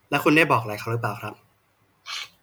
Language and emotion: Thai, neutral